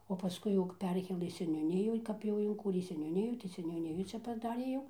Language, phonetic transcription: Lithuanian, o paˈskui jau kap ˈperkėlɘ seniūˈniju ˈkap jau inˈkūrė seniūˈnijų tai seniūˈnijų ˈčia paˈdarė jau

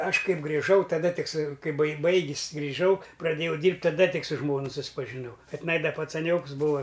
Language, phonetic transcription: Lithuanian, ˈaš ˈkaip griˈžau taˈda ˈtik su ˈkai bai ˈbaigis griˈžau praˈdėjau ˈdyrbt' taˈda ˈtik su ˈžmonu suspažiˈnau ka tiˈnai da pacaˈnioks ˈbūa

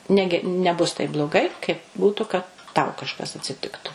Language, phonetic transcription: Lithuanian, ˈnegi neˈbus taip bloˈgai kaip ˈbūtu kad tau kažˈkas atsiˈtiktu

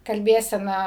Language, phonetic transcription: Lithuanian, kalˈbėsena

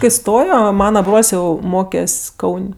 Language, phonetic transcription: Lithuanian, kai ˈstojo ˈmana ˈbrol's' ˈjau ˈmokes' ˈkaun'

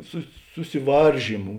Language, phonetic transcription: Lithuanian, sus susiˈvaržymu

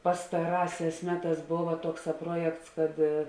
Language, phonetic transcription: Lithuanian, pastaˈrāˌsēs ˈmeˌtās ˈbova ˈtuokˌsā ˈpruojekts kad

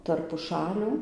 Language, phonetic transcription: Lithuanian, tarp puˈšalių

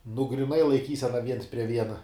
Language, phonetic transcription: Lithuanian, nu gryˈnai laiˈkysena viens prie ˈviena

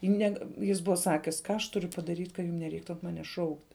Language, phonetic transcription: Lithuanian, i ˈnega ˈjis ˈbuva ˈsakis ˈką aš ˈturiu padaˈryt' ka ˈjum neˈreiktu an ˈmanes ˈšaukt'

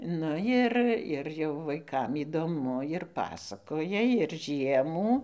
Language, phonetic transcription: Lithuanian, ˈnu jir ir jau vaiˈkam įdoˈmu ir ˈpasakoja ir ˈžiemų

